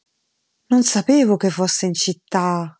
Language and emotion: Italian, surprised